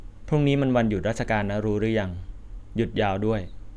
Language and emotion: Thai, neutral